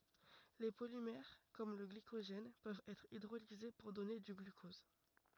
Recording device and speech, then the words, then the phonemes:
rigid in-ear microphone, read sentence
Les polymères comme le glycogène peuvent être hydrolysés pour donner du glucose.
le polimɛʁ kɔm lə ɡlikoʒɛn pøvt ɛtʁ idʁolize puʁ dɔne dy ɡlykɔz

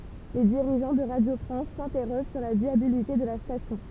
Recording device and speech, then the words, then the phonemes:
temple vibration pickup, read sentence
Les dirigeants de Radio France s'interrogent sur la viabilité de la station.
le diʁiʒɑ̃ də ʁadjo fʁɑ̃s sɛ̃tɛʁoʒ syʁ la vjabilite də la stasjɔ̃

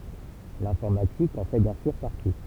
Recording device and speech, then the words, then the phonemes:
temple vibration pickup, read sentence
L'informatique en fait bien sûr partie.
lɛ̃fɔʁmatik ɑ̃ fɛ bjɛ̃ syʁ paʁti

